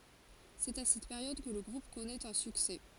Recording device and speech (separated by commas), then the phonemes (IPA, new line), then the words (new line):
forehead accelerometer, read sentence
sɛt a sɛt peʁjɔd kə lə ɡʁup kɔnɛt œ̃ syksɛ
C'est à cette période que le groupe connait un succès.